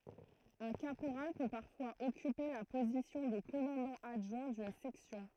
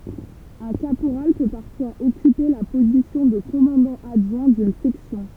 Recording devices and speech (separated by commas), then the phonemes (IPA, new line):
throat microphone, temple vibration pickup, read sentence
œ̃ kapoʁal pø paʁfwaz ɔkype la pozisjɔ̃ də kɔmɑ̃dɑ̃ adʒwɛ̃ dyn sɛksjɔ̃